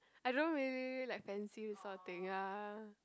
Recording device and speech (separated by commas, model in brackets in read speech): close-talking microphone, conversation in the same room